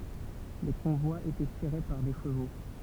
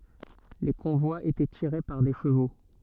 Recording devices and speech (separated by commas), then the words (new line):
temple vibration pickup, soft in-ear microphone, read sentence
Les convois étaient tirés par des chevaux.